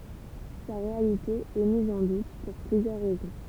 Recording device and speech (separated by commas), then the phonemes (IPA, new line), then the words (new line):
temple vibration pickup, read sentence
sa ʁealite ɛ miz ɑ̃ dut puʁ plyzjœʁ ʁɛzɔ̃
Sa réalité est mise en doute pour plusieurs raisons.